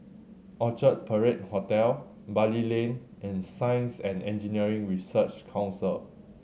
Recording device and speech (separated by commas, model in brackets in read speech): mobile phone (Samsung C7100), read sentence